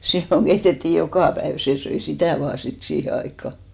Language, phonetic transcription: Finnish, 'silloŋ keitetti "jokà päev , 'sè söi "sitä̀ 'vaa sit 'siihe aikka .
- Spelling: silloin keitettiin joka päivä se söi sitä vain sitten siihen aikaan

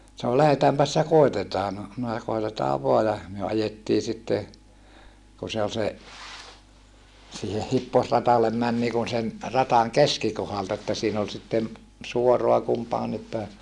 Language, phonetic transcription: Finnish, sano » lähetäämpäs ja kòitetaa » no , minä (sa-) » koitetaa voa » ja , myö ajettii sitte , ku se ol se , siihe hipposratallem män niikun sen , rataŋ keskikohalta että siin ‿ol sitten , suoroa kumpaanip pä̀e .
- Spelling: sanoi lähdetäänpäs ja koetetaan no minä - koetetaan vain ja me ajettiin sitten kun se oli se siihen hipposradalle meni niin kuin sen radan keskikohdalta että siinä oli sitten suoraa kumpaankin päin

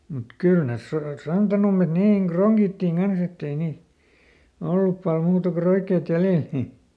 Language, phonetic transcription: Finnish, mut ˈkyl nes ˈsor- , ˈsantanummet ˈniiŋ "kroŋGittiŋ ˈGans ‿ett ‿ei nii- , ˈollup pal ˈmuuta ko ˈroikkeet ˈjälèl nii(st) .
- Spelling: mutta kyllä ne - santanummet niin kronkittiin kanssa että ei niin ollut paljon muuta kuin roikkeet jäljellä niistä

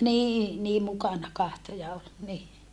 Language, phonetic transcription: Finnish, nii , nii mukana kahto ja ol , ni .
- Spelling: niin niin mukana katsoi ja oli niin

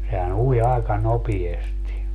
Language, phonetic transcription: Finnish, sehä"n ‿ui àika 'nopiesti .
- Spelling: sehän ui aika nopeasti

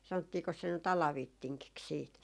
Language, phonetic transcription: Finnish, 'sanottiikos se ny't ‿Ala'vittiŋkiks siit .
- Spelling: sanottiinkos se nyt Alavittingiksi sitten

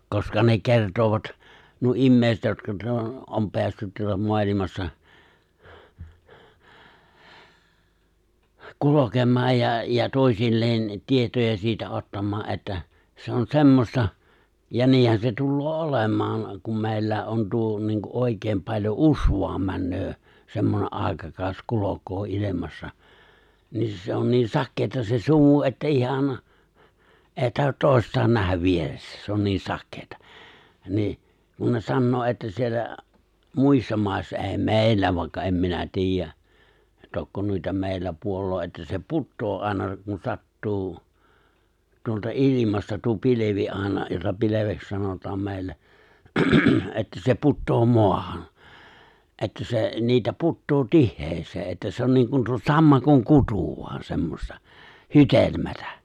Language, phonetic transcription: Finnish, 'koska ne 'kertoovat , nuo '’immèiset jotka tuᵒta , '’om 'peässyt tuᵒta 'moalimassa , 'kulokem̆maaj ja , ja 'tòi̬silleen , 'tietoja siitä '’ottam̆maa ’että , se on 'semmosta , ja 'niihän se 'tulloo "’olem̆maaŋ , kum 'mè̬i̬llä̀e ’on 'tuo niiŋ ku '’òikeem paĺjo "’usẁaam 'männöö , 'semmone’ "’ài̬kakàos 'kulok̀oo '’ilemassa , 'niin se on niin "sakkeeta se 'sumu että '’ihan , '’èi 'tahot "tòi̬st̀aan 'nähäv 'vieressä 'se on 'niin "sakkeetᴀ , 'nii’ , ku ne 'sannoo ’että 'siellä , 'muissa 'mài̬ssa '’è̬i "mè̬i̬llä vài̬kka 'em minä 'ti̬ijjä , 'tokko nuita 'mèillä ('puolloo) että se "puttoo '’áina kun 'sattuu , tuolta '’ilimasta tuo 'pilevi '’àina jota 'pileveks 'sanot̀am 'mè̬i̬llä , että se 'puttoo 'moahan̬ , 'että se , 'niitä 'puttoo "tihhees̀ee ’että se on 'niŋ kun tuo 'sammakoŋ 'kutù vu̬an 'semmosta , "hytelmätä .
- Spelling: koska ne kertoivat nuo ihmiset jotka tuota on päässyt tuota maailmassa kulkemaan ja ja toisilleen tietoja siitä ottamaan että se on semmoista ja niinhän se tulee olemaan kun meilläkin on tuo niin kuin oikein paljon usvaan menee semmoinen aikakausi kulkee ilmassa niin se on niin sakeaa se sumu että ihan ei tahdo toistaan nähdä vieressä se on niin sakeaa niin kun ne sanoo että siellä muissa maissa ei meillä vaikka en minä tiedä tokko noita meillä puolen että se putoaa aina kun sattuu tuolta ilmasta tuo pilvi aina jota pilveksi sanotaan meillä että se putoaa maahan että se niitä putoaa tiheään että se on niin kuin tuo sammakon kutu vain semmoista hydelmää

